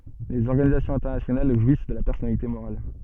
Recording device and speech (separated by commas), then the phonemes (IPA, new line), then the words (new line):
soft in-ear microphone, read sentence
lez ɔʁɡanizasjɔ̃z ɛ̃tɛʁnasjonal ʒwis də la pɛʁsɔnalite moʁal
Les organisations internationales jouissent de la personnalité morale.